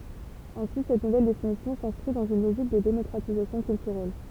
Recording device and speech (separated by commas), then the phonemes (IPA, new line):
temple vibration pickup, read sentence
ɛ̃si sɛt nuvɛl definisjɔ̃ sɛ̃skʁi dɑ̃z yn loʒik də demɔkʁatizasjɔ̃ kyltyʁɛl